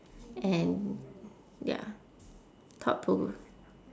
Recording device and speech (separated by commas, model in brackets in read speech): standing microphone, conversation in separate rooms